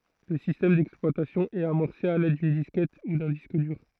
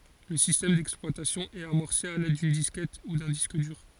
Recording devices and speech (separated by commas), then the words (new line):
throat microphone, forehead accelerometer, read sentence
Le système d'exploitation est amorcé à l'aide d'une disquette ou d'un disque dur.